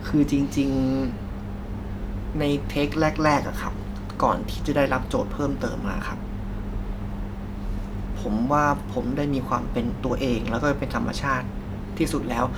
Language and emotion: Thai, frustrated